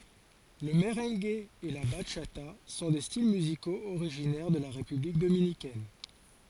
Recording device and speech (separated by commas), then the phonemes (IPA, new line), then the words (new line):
forehead accelerometer, read sentence
lə məʁɑ̃ɡ e la baʃata sɔ̃ de stil myzikoz oʁiʒinɛʁ də la ʁepyblik dominikɛn
Le merengue et la bachata sont des styles musicaux originaires de la République dominicaine.